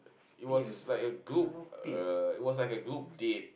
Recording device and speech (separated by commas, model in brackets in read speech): boundary microphone, conversation in the same room